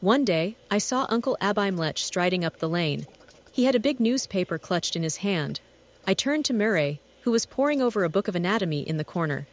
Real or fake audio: fake